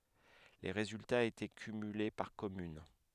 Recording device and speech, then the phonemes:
headset microphone, read sentence
le ʁezyltaz etɛ kymyle paʁ kɔmyn

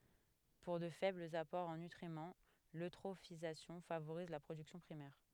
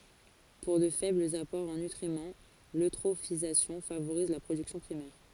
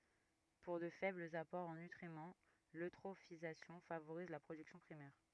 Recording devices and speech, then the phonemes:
headset microphone, forehead accelerometer, rigid in-ear microphone, read sentence
puʁ də fɛblz apɔʁz ɑ̃ nytʁimɑ̃ løtʁofizasjɔ̃ favoʁiz la pʁodyksjɔ̃ pʁimɛʁ

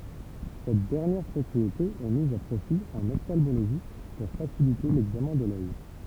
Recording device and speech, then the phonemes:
temple vibration pickup, read sentence
sɛt dɛʁnjɛʁ pʁɔpʁiete ɛ miz a pʁofi ɑ̃n ɔftalmoloʒi puʁ fasilite lɛɡzamɛ̃ də lœj

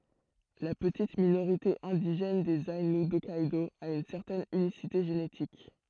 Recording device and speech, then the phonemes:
throat microphone, read sentence
la pətit minoʁite ɛ̃diʒɛn dez ainu dɔkkɛdo a yn sɛʁtɛn ynisite ʒenetik

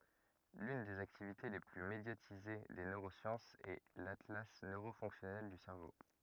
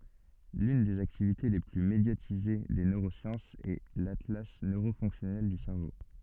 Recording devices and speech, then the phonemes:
rigid in-ear microphone, soft in-ear microphone, read sentence
lyn dez aktivite le ply medjatize de nøʁosjɑ̃sz ɛ latla nøʁo fɔ̃ksjɔnɛl dy sɛʁvo

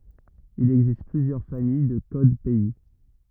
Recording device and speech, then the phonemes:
rigid in-ear microphone, read sentence
il ɛɡzist plyzjœʁ famij də kod pɛi

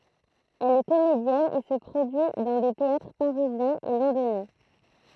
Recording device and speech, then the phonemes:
throat microphone, read sentence
ɛl ɛ komedjɛn e sə pʁodyi dɑ̃ de teatʁ paʁizjɛ̃z e lɔ̃donjɛ̃

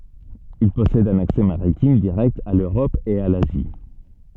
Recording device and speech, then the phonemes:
soft in-ear microphone, read sentence
il pɔsɛd œ̃n aksɛ maʁitim diʁɛkt a løʁɔp e a lazi

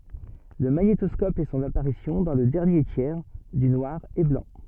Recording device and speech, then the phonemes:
soft in-ear microphone, read sentence
lə maɲetɔskɔp fɛ sɔ̃n apaʁisjɔ̃ dɑ̃ lə dɛʁnje tjɛʁ dy nwaʁ e blɑ̃

